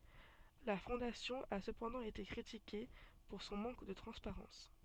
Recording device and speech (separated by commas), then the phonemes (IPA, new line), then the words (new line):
soft in-ear microphone, read sentence
la fɔ̃dasjɔ̃ a səpɑ̃dɑ̃ ete kʁitike puʁ sɔ̃ mɑ̃k də tʁɑ̃spaʁɑ̃s
La Fondation a cependant été critiquée pour son manque de transparence.